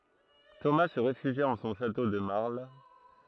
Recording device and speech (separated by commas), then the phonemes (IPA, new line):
throat microphone, read sentence
toma sə ʁefyʒja ɑ̃ sɔ̃ ʃato də maʁl